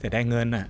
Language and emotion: Thai, frustrated